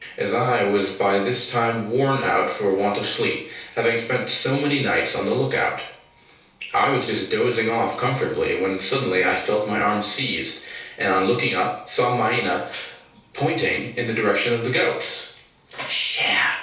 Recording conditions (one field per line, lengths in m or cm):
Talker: one person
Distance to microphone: 3.0 m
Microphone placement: far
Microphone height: 1.8 m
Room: small (3.7 m by 2.7 m)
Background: television